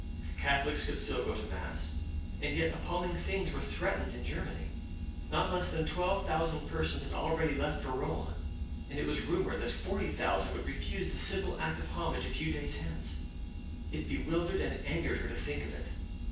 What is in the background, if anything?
Nothing.